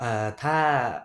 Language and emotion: Thai, neutral